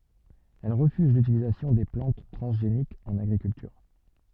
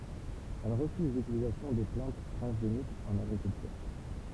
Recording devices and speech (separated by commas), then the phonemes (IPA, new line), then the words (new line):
soft in-ear microphone, temple vibration pickup, read sentence
ɛl ʁəfyz lytilizasjɔ̃ de plɑ̃t tʁɑ̃zʒenikz ɑ̃n aɡʁikyltyʁ
Elle refuse l'utilisation des plantes transgéniques en agriculture.